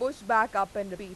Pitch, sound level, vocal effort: 205 Hz, 96 dB SPL, loud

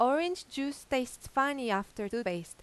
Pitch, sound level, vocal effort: 255 Hz, 88 dB SPL, loud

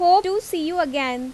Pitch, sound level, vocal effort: 345 Hz, 91 dB SPL, loud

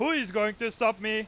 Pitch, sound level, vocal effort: 220 Hz, 105 dB SPL, very loud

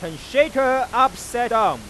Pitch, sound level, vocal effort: 245 Hz, 105 dB SPL, very loud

